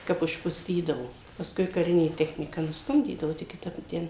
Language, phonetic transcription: Lithuanian, ˈkap užpuˈstydavo pasˈkui kaˈrinė ˈtechnyka nusˈtumdydavu ˈtik kiˈtap i ˈten

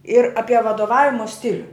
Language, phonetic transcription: Lithuanian, ir ˈapie vadoˈvavimo ˈstiliu

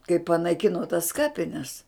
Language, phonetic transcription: Lithuanian, kai panaiˈkino tas ˈkapines

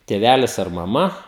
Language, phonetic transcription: Lithuanian, tėˈvælis ar maˈma

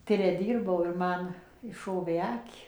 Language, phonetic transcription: Lithuanian, ˈtire ˈdyrbau ir ˈman išˈšovė ˈaki

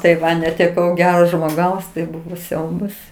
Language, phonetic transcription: Lithuanian, tai ˈva neteˈkau ˈgero žmoˈgaus tai ˈbuvo ˈsiaubas

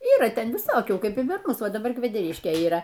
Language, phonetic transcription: Lithuanian, ˈyra ˈten viˈsokių ˈkaip ir par ˈmus ˈva daˈbar kvedeˈriškė yˈra

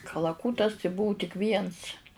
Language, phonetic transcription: Lithuanian, kalaˈkūtas tai ˈbuu tik ˈviens

